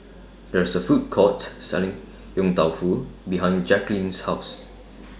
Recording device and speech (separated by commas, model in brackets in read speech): standing microphone (AKG C214), read sentence